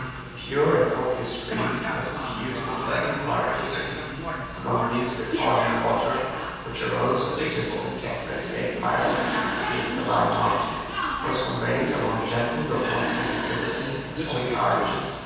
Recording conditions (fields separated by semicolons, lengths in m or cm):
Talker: one person; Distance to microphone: 7.1 m; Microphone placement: far; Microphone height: 1.7 m; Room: very reverberant, large; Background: television